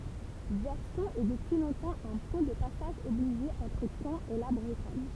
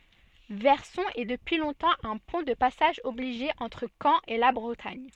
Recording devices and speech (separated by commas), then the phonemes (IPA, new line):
temple vibration pickup, soft in-ear microphone, read sentence
vɛʁsɔ̃ ɛ dəpyi lɔ̃tɑ̃ œ̃ pwɛ̃ də pasaʒ ɔbliʒe ɑ̃tʁ kɑ̃ e la bʁətaɲ